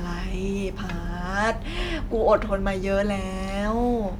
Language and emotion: Thai, frustrated